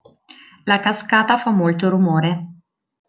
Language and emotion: Italian, neutral